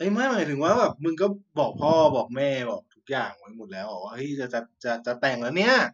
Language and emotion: Thai, happy